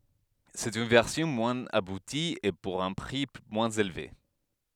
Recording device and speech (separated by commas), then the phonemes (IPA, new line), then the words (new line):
headset microphone, read sentence
sɛt yn vɛʁsjɔ̃ mwɛ̃z abuti e puʁ œ̃ pʁi mwɛ̃z elve
C'est une version moins aboutie, et pour un prix moins élevé.